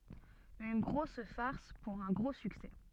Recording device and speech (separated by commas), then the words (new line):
soft in-ear microphone, read sentence
Une grosse farce pour un gros succès.